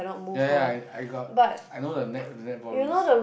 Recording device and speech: boundary microphone, conversation in the same room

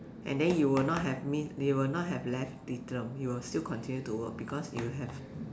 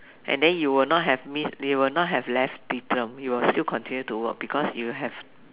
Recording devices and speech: standing microphone, telephone, conversation in separate rooms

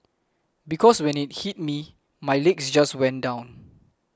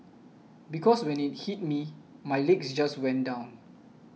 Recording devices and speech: close-talking microphone (WH20), mobile phone (iPhone 6), read sentence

